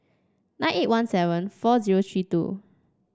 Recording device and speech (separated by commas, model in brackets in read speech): standing microphone (AKG C214), read sentence